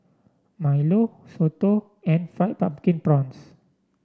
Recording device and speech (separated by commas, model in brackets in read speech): standing microphone (AKG C214), read sentence